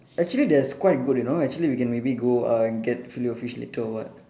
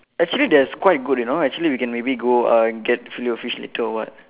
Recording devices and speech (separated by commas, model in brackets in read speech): standing microphone, telephone, conversation in separate rooms